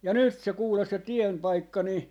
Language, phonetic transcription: Finnish, ja 'nyt se 'kuules se "tiempaikka ni , .
- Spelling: ja nyt se kuule se tienpaikka niin

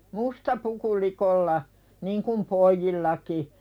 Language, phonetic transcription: Finnish, musta puku 'likolla , "niŋkum 'poijjillaki .
- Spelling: musta puku likoilla niin kuin pojillakin

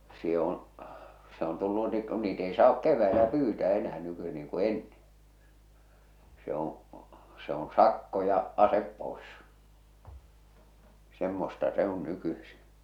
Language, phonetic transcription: Finnish, se on̬ , se on tullu nii ku niit ei saak 'kev̆väelä 'pyytää 'enää nyky- niiŋ ku 'enneḛ , se oo̰ , se oo̰ 'sakko ja , 'asep 'pòes , 'semmosta 'se ‿on 'nykysi .
- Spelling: se on se on tullut niin kun niitä ei saa keväällä pyytää enää - niin kuin ennen se on se on sakko ja ase pois semmoista se on nykyisin

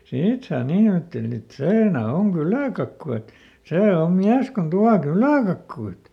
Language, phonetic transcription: Finnish, ˈsiit sai (ˈniin aatteli et) , "seena ˈoŋ "kylä̀kakku et , ˈsee om ˈmiäs kon ˈtua "kylä̀kakkuit .
- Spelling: siitä sai niin ajatteli että siinä on kyläkakku että se on mies kun tuo kyläkakkuja

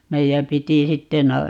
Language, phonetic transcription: Finnish, 'meijäm 'piti 'sitte na - ,.
- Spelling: meidän piti sitten -

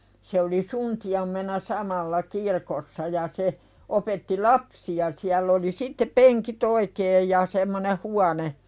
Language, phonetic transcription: Finnish, se oli "sunti₍ammena "samalla "kirkossa ja 'se , opetti "lapsi₍a siäll ‿oli 'sitte "peŋkit oikeej ja semmone "huane ,.
- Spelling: se oli suntiona samalla kirkossa ja se opetti lapsia siellä oli sitten penkit oikein ja semmoinen huone

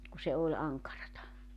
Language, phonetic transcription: Finnish, ku se 'oĺ 'aŋkarata .
- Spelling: kun se oli ankaraa

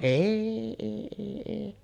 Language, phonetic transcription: Finnish, "èi 'èi èi èi .
- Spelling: ei ei ei ei

